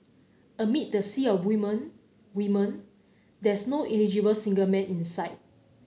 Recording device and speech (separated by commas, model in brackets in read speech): mobile phone (Samsung C9), read sentence